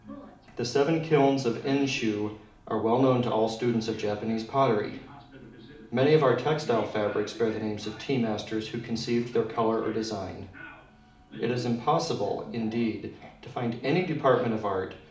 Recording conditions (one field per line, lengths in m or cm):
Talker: one person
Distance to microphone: 2.0 m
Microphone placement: close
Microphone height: 99 cm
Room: medium-sized (5.7 m by 4.0 m)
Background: television